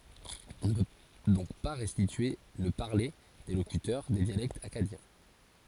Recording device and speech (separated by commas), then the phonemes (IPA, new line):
forehead accelerometer, read sentence
ɔ̃ nə pø dɔ̃k pa ʁɛstitye lə paʁle de lokytœʁ de djalɛktz akkadjɛ̃